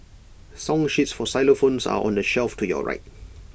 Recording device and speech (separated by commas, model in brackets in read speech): boundary microphone (BM630), read sentence